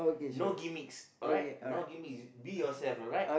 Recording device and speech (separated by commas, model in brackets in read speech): boundary microphone, conversation in the same room